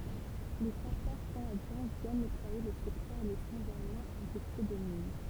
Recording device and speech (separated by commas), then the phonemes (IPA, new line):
temple vibration pickup, read sentence
le sapœʁ kanadjɛ̃ vjɛn nɛtwaje lə sɛktœʁ də sɛ̃ ʒɛʁmɛ̃ ɛ̃fɛste də min